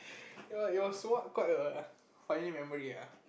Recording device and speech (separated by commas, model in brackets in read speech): boundary microphone, conversation in the same room